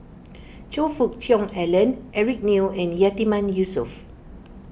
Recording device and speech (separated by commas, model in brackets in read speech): boundary microphone (BM630), read sentence